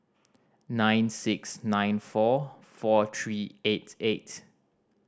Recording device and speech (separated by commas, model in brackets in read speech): standing microphone (AKG C214), read sentence